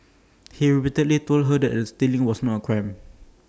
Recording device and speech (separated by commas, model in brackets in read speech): standing microphone (AKG C214), read sentence